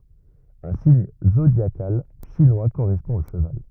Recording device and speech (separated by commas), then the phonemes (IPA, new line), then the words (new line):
rigid in-ear microphone, read sentence
œ̃ siɲ zodjakal ʃinwa koʁɛspɔ̃ o ʃəval
Un signe zodiacal chinois correspond au cheval.